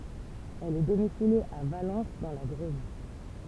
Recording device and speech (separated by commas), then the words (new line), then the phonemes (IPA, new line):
temple vibration pickup, read sentence
Elle est domiciliée à Valence dans la Drôme.
ɛl ɛ domisilje a valɑ̃s dɑ̃ la dʁom